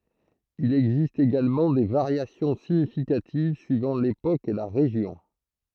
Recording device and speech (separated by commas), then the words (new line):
throat microphone, read sentence
Il existe également des variations significatives suivant l'époque et la région.